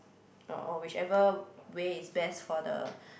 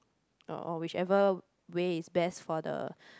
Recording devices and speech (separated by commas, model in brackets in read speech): boundary microphone, close-talking microphone, conversation in the same room